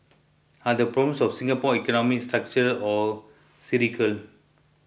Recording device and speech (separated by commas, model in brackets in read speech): boundary microphone (BM630), read sentence